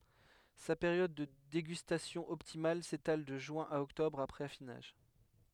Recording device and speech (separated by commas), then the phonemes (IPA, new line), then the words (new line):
headset microphone, read sentence
sa peʁjɔd də deɡystasjɔ̃ ɔptimal setal də ʒyɛ̃ a ɔktɔbʁ apʁɛz afinaʒ
Sa période de dégustation optimale s'étale de juin à octobre, après affinage.